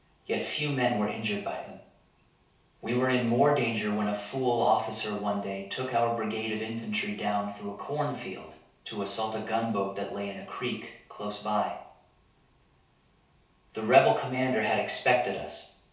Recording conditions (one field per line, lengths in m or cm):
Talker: one person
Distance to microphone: 3.0 m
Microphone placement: far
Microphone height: 1.8 m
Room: small (3.7 m by 2.7 m)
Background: none